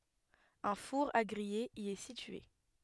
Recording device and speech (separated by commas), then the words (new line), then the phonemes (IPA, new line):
headset microphone, read sentence
Un four à griller y est situé.
œ̃ fuʁ a ɡʁije i ɛ sitye